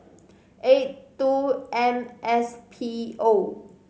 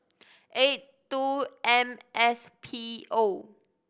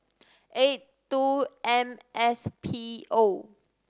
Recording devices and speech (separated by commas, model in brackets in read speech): mobile phone (Samsung C5010), boundary microphone (BM630), standing microphone (AKG C214), read sentence